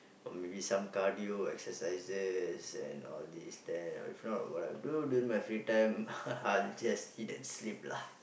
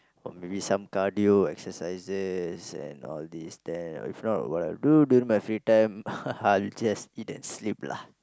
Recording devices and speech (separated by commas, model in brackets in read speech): boundary microphone, close-talking microphone, conversation in the same room